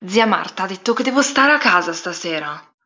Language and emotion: Italian, angry